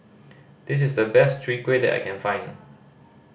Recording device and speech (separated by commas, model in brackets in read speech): boundary microphone (BM630), read sentence